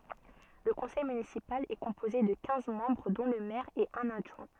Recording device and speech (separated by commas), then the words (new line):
soft in-ear microphone, read sentence
Le conseil municipal est composé de quinze membres dont le maire et un adjoint.